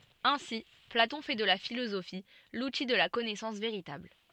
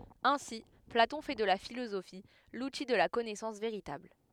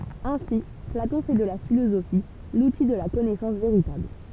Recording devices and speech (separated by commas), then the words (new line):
soft in-ear microphone, headset microphone, temple vibration pickup, read sentence
Ainsi Platon fait de la philosophie l'outil de la connaissance véritable.